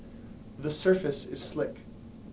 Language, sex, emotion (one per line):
English
male
neutral